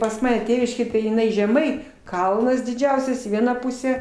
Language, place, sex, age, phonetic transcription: Lithuanian, Aukštaitija, female, 60+, pas ˈmane ˈtėviškėj tai jiˈnai žeˈmai ˈkalnas diˈdžiausias į ˈvieną ˈpusę

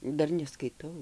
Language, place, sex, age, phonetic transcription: Lithuanian, Dzūkija, female, 60+, ˈdar neskaiˈtau

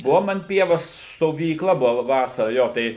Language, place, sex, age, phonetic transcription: Lithuanian, Suvalkija, male, 60+, ˈbuvom an ˈpievos stovyˈkla ˈbuva ˈvasara ˈjo tai

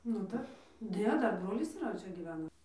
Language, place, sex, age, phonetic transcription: Lithuanian, Dzūkija, female, 18-60, nu ˈdar ˈne ˈdar ˈbrolis yˈra ˈčia gyˈvena

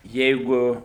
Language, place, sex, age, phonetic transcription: Lithuanian, Suvalkija, male, 60+, ˈjeigu

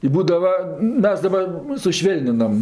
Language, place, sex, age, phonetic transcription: Lithuanian, Aukštaitija, female, 60+, i ˈbūdava ˈmes daˈbar suˈšvėlninam

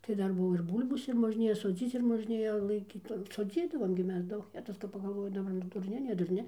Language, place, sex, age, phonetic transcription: Lithuanian, Dzūkija, female, 60+, tai ˈdar ˈbuvo ir ˈbul'bos ir možˈnėja soˈdzyc ir možˈnėja laiˈkyt soˈdzydavom gi ˈmes ˈdaug ˈjetus kap pagalˈvoji daˈbar nu durˈni ne durˈni

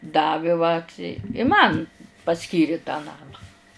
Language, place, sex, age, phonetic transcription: Lithuanian, Žemaitija, female, 60+, ˈdavi vat i i ˈman paˈskyri tą ˈnamą

